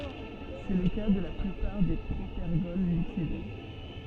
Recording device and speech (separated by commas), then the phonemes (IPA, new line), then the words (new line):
soft in-ear microphone, read sentence
sɛ lə ka də la plypaʁ de pʁopɛʁɡɔl likid
C'est le cas de la plupart des propergols liquides.